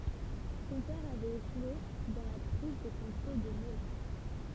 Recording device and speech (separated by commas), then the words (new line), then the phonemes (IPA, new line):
temple vibration pickup, read sentence
Son père avait échoué dans la prise de contrôle de Melun.
sɔ̃ pɛʁ avɛt eʃwe dɑ̃ la pʁiz də kɔ̃tʁol də məlœ̃